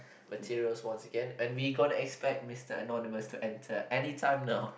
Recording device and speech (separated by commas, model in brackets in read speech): boundary microphone, conversation in the same room